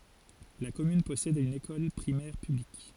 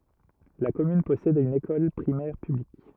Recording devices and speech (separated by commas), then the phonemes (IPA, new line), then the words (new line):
forehead accelerometer, rigid in-ear microphone, read sentence
la kɔmyn pɔsɛd yn ekɔl pʁimɛʁ pyblik
La commune possède une école primaire publique.